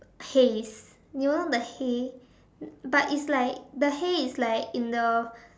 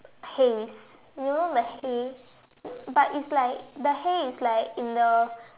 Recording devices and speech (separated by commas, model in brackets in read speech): standing microphone, telephone, conversation in separate rooms